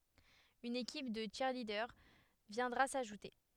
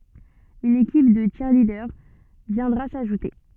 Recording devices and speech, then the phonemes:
headset microphone, soft in-ear microphone, read sentence
yn ekip də tʃiʁlidœʁ vjɛ̃dʁa saʒute

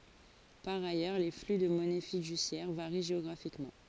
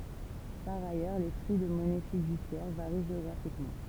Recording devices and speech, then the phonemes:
forehead accelerometer, temple vibration pickup, read sentence
paʁ ajœʁ le fly də mɔnɛ fidysjɛʁ vaʁi ʒeɔɡʁafikmɑ̃

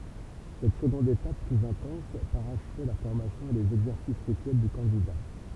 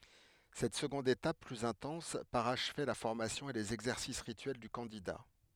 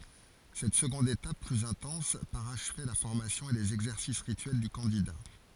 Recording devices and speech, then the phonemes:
temple vibration pickup, headset microphone, forehead accelerometer, read sentence
sɛt səɡɔ̃d etap plyz ɛ̃tɑ̃s paʁaʃvɛ la fɔʁmasjɔ̃ e lez ɛɡzɛʁsis ʁityɛl dy kɑ̃dida

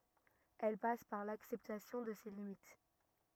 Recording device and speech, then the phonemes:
rigid in-ear microphone, read sentence
ɛl pas paʁ laksɛptasjɔ̃ də se limit

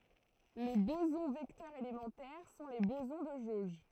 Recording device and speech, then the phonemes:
throat microphone, read sentence
le bozɔ̃ vɛktœʁz elemɑ̃tɛʁ sɔ̃ le bozɔ̃ də ʒoʒ

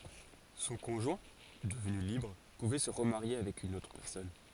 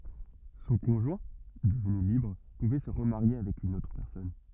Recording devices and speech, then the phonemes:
forehead accelerometer, rigid in-ear microphone, read sentence
sɔ̃ kɔ̃ʒwɛ̃ dəvny libʁ puvɛ sə ʁəmaʁje avɛk yn otʁ pɛʁsɔn

